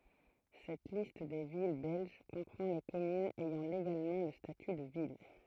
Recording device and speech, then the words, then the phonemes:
throat microphone, read sentence
Cette liste des villes belges comprend les communes ayant légalement le statut de ville.
sɛt list de vil bɛlʒ kɔ̃pʁɑ̃ le kɔmynz ɛjɑ̃ leɡalmɑ̃ lə staty də vil

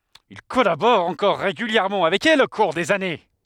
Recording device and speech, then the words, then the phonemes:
headset microphone, read sentence
Il collabore encore régulièrement avec elle au cours des années.
il kɔlabɔʁ ɑ̃kɔʁ ʁeɡyljɛʁmɑ̃ avɛk ɛl o kuʁ dez ane

